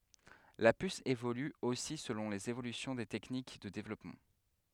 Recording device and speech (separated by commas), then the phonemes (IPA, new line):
headset microphone, read sentence
la pys evoly osi səlɔ̃ lez evolysjɔ̃ de tɛknik də devlɔpmɑ̃